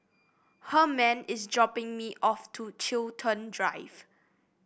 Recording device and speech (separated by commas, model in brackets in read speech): boundary microphone (BM630), read sentence